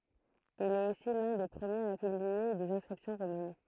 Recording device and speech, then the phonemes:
throat microphone, read sentence
il ɛt osi lœ̃ de pʁəmjez a pyblie dez ɛ̃skʁipsjɔ̃ ʁomɛn

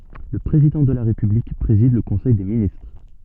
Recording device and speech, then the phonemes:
soft in-ear microphone, read sentence
lə pʁezidɑ̃ də la ʁepyblik pʁezid lə kɔ̃sɛj de ministʁ

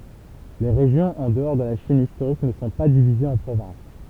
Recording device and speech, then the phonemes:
temple vibration pickup, read sentence
le ʁeʒjɔ̃z ɑ̃ dəɔʁ də la ʃin istoʁik nə sɔ̃ pa divizez ɑ̃ pʁovɛ̃s

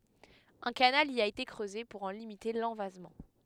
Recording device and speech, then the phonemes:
headset microphone, read sentence
œ̃ kanal i a ete kʁøze puʁ ɑ̃ limite lɑ̃vazmɑ̃

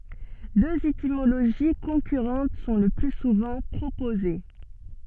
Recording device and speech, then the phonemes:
soft in-ear microphone, read sentence
døz etimoloʒi kɔ̃kyʁɑ̃t sɔ̃ lə ply suvɑ̃ pʁopoze

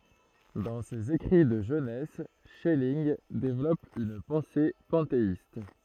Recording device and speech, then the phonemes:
throat microphone, read sentence
dɑ̃ sez ekʁi də ʒønɛs ʃɛlinɡ devlɔp yn pɑ̃se pɑ̃teist

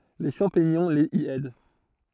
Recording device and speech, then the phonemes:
throat microphone, read sentence
le ʃɑ̃piɲɔ̃ lez i ɛd

